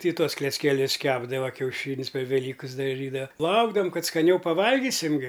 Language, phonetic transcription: Lithuanian, ti ˈtuos kleckeˈlius ˈkepdava kiauˈšyn's' per veˈlykɨs daˈžydava ˈlaukdavam ˈkad skaˈniau paˈvalgysim ˈgi

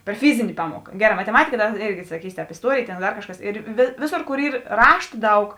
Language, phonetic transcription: Lithuanian, per ˈfizini ˈpamuoka ˈgeˌrā mateˈmatika ˈdar ˈėrgi saˈkysi ˈtēp isˈtuorėjė ˈtėn ˈdar ˈkažˌkas ir ˈvėˌsor ˈkor ˈyr ˈrašta ˈdaug

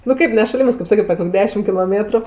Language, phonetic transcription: Lithuanian, nu ˈkaip ne šaˈlimɜs kaip ˈsaket per ˈkok' ˈdešim kiloˈmėtru

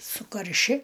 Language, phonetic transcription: Lithuanian, sukarˈši

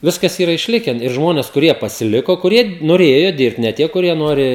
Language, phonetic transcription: Lithuanian, ˈviskas ˈyra išˈliken ir ˈžmones kuˈrie pasiˈliko kuˈrie noˈrėjo ˈdirbt ne ˈtie kuˈrie ˈnori

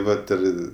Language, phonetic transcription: Lithuanian, ˈvat ir

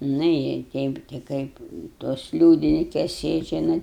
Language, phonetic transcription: Lithuanian, nu i ˈteip ti ˈkaip tos ˈliūdinikes ˈsėdžia ˈnat

